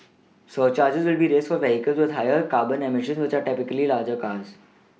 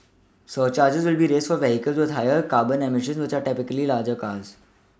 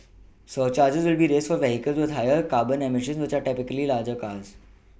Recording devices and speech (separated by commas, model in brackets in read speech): mobile phone (iPhone 6), standing microphone (AKG C214), boundary microphone (BM630), read sentence